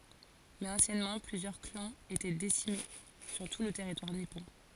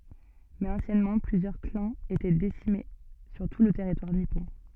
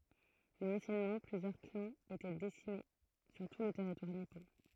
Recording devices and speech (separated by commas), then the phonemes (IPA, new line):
forehead accelerometer, soft in-ear microphone, throat microphone, read sentence
mɛz ɑ̃sjɛnmɑ̃ plyzjœʁ klɑ̃z etɛ disemine syʁ tu lə tɛʁitwaʁ nipɔ̃